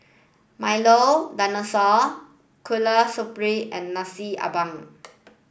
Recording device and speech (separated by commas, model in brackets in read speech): boundary microphone (BM630), read sentence